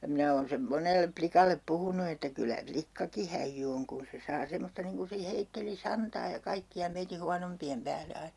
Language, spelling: Finnish, ja minä olen sen monelle likalle puhunut että kyllä likkakin häijy on kun se saa semmoista niin kun se heitteli santaa ja kaikkia meidän huonompien päälle aina
- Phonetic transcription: (ja) 'minä oon sem 'monellep 'plikallep 'puhunu että 'kylä "plikkaki 'häijjy oŋ kun se 'saa 'semosta niŋ kun̬ se 'heitteli "santaa ja 'kaikki₍a meiti 'huanompi₍em pääle 'ainA .

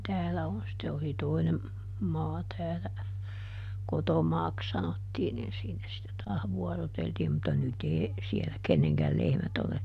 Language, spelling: Finnish, täällä on sitten oli toinen maa täällä kotomaaksi sanottiin niin siinä sitten taas vuoroteltiin mutta nyt ei siellä kenenkään lehmät ole
- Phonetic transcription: ˈtäälä on sⁱtte oli ˈtoinem , ˈmaa ˈtäälä , "kotomaaks ˈsanottiin nin ˈsiinä sitte ˈtaah ˈvuɔroteltiim mutta ˈnyt ‿ee , ˈsielä "kenneŋkäl ˈlehmät ‿ole ,.

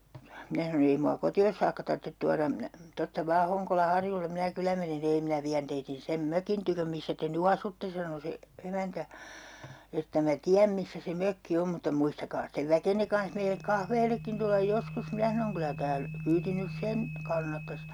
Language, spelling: Finnish, minä sanoin ei minua kotiin saakka tarvitse tuoda minä tuosta vain Honkolan harjulle minä kyllä menen - ei minä vien teidän sen mökin tykö missä te nyt asutte sanoi se emäntä että minä tiedän missä se mökki on mutta muistakaa sitten väkenne kanssa meille kahvillekin tulla joskus minä sanoin kyllä - kyyti nyt sen kannattaisi
- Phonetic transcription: 'minä sanon ‿ » 'ei mua "koti₍os saakka 'tarttet 'tuaram minä , 'tosta 'vaa 'Hoŋkola "harjullem minä 'kylä menen si - » » 'ei 'minä viän teitin 'sem "mökin tyköm 'missä te ny "asutte » sano 'se , 'emäntä , » että mä "tiäm 'missä se 'mökki 'om » » mutta 'muistakaa stev "väkenne kanh meilek 'kahveelekkin tullaj 'joskus » 'minä sanoŋ » 'kylä tääl- , 'kyyti nys "sen , 'kannattas » .

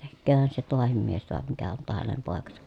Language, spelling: Finnish, tekeehän se tuokin mies tuo mikä on tuo hänen poikansa
- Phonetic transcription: tekkööhän se toahim mies toa mikä on toa hänem pòekasA .

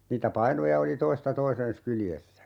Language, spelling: Finnish, niitä painoja oli toista toisensa kyljessä
- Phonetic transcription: niitä 'painoja oli "toista 'toisen̬s 'kyljessä .

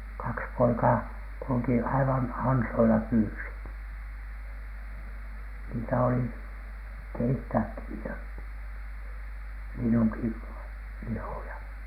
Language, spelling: Finnish, kaksi poikaa kulki aivan ansoilla pyysivät niitä oli keittääkin niitä linnunkin lihoja
- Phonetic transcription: 'kaks 'poikaa , kulᵘki aivan 'ansoila pyysit , niitä oli , "keittääkki niitä , 'linnuŋki , 'lihoja .

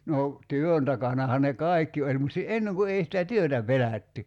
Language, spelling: Finnish, no työn takanahan ne kaikki oli mutta - ennen kun ei sitä työtä pelätty
- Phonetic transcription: 'no , "työn takanaha ne "kài̬kki oĺ mut si- 'enneŋ ku 'ei sitä "työtä "pelä̀tty .

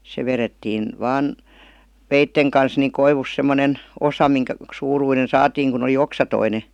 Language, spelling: Finnish, se vedettiin vain veitsen kanssa niin koivusta semmoinen osa minkä suuruinen saatiin kun oli oksaton
- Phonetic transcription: se 'verettiin , 'vaan , "veitteŋ kans niŋ 'koivus semmonen , "osa miŋkä , 'suuruinen "saatiiŋ kun ‿oli "oksatoine .

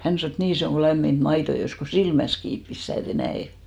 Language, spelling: Finnish, hän sanoi että niin se on kuin lämmintä maitoa joisi kun silmänsä kiinni pistää että ei näe
- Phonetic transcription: 'hän sanò et » "nii se 'oŋ ɢo 'lämmint "mait̳§o 'jois ko "silmäs 'kiip pistä̀ et ‿ei 'nä₍è « .

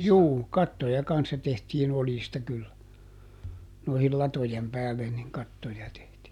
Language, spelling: Finnish, juu kattoja kanssa tehtiin oljista kyllä noihin latojen päälle niin kattoja tehtiin
- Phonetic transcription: ˈjuu , ˈkattoja ˈkanssa tehtiin ˈoljista kyllä , ˈnoihil "latojem ˈpäällen niŋ ˈkattoja tehtii .

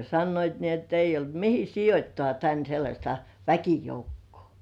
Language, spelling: Finnish, sanoivat niin että ei ollut mihin sijoittaa tänne sellaista väkijoukkoa
- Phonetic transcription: sannoit ni ‿et ‿eijj ‿olt 'mihi "sijot́toà tän sellaśta "väkijoukkᴜ̆ᴏ̀§ .

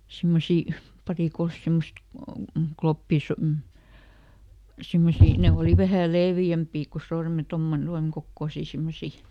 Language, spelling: Finnish, semmoisia pari kolme semmoista - mm semmoisia ne oli vähän leveämpiä kuin - tuommoinen tuon kokoisia semmoisia
- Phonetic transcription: ˈsimmosì , ˈparì ˈkols ˈsimmost , ˈkloppìs- m̥ , ˈsimmosii , ne ˈòli ˈvähä̀ "leevjämpi ko ˈsorme- ˈtommone "tuaŋ kokkòsì ˈsimmosi .

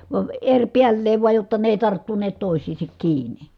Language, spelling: Finnish, vaan eripäällään vain jotta ne ei tarttuneet toisiinsa kiinni
- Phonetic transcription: vaə , eŕpiälleev vuaj jotta ne èi̮ tarttuneet tòi̮s̀iisek kiini .

